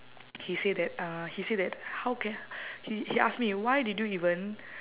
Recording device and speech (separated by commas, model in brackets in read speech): telephone, conversation in separate rooms